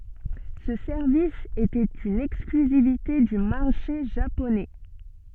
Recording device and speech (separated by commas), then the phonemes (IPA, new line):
soft in-ear microphone, read sentence
sə sɛʁvis etɛt yn ɛksklyzivite dy maʁʃe ʒaponɛ